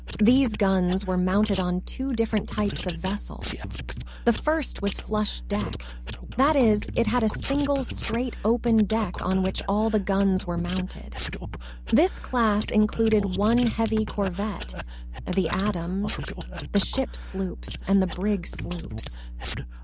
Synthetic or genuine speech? synthetic